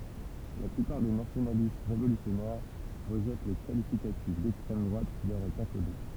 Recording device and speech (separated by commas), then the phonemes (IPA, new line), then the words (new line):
temple vibration pickup, read sentence
la plypaʁ de nasjonalist ʁevolysjɔnɛʁ ʁəʒɛt lə kalifikatif dɛkstʁɛm dʁwat ki lœʁ ɛt akole
La plupart des nationalistes révolutionnaires rejettent le qualificatif d'extrême droite qui leur est accolé.